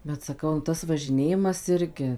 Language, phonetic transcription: Lithuanian, bet saˈkau nu ˈtas važiˈnėjimas ˈirgi

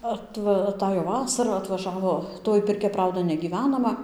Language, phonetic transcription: Lithuanian, atˈva aˈtajo ˈvasara atvaˈžavo ˈtoj pirˈkia ˈprauda negyˈvenama

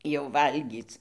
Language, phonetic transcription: Lithuanian, jau ˈvalgyc

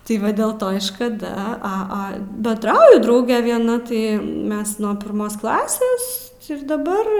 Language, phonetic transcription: Lithuanian, ti ˈva del ˈto i škaˈda ˈa ˈa benˈdrauju ˈdrauge vieˈna ˈtai ˈmes ˈnuo pirˈmos ˈklasės ir daˈbar

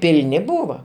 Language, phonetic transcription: Lithuanian, pilˈni ˈbūva

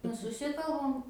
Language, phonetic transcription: Lithuanian, ˈnu suˈsikalbam

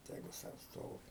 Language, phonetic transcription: Lithuanian, ˈtegu ˈsau ˈstovi

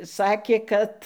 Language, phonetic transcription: Lithuanian, ˈsakė ˈkad

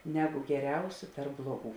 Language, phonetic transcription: Lithuanian, ˈneˌgu geˈriausiu ˈtarp ˈbluoˌgų

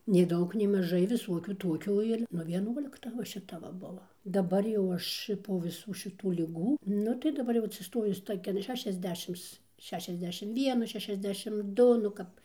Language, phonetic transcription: Lithuanian, nei ˈdaug nei maˈžai viˈsuokių ˈtuokių ir nu vieˈnuolikta va šiˈta va ˈbuvo daˈbar jau ˈaš ir po viˈsų šiˈtų liˈgų ˈnu tai daˈbar jau atsiˈstojus ˈtokian ˌšešiasˈdešims ˈšešiasˌdešim ˈvienų šešiasˈdešim ˈdu nu ˈkap

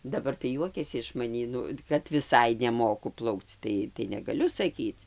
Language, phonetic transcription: Lithuanian, daˈbar tai ˈjuokiasi iš maˈnį ˈnu kad viˈsai neˈmoku ˈplaukc ˈtai tai negaˈliu saˈkyc

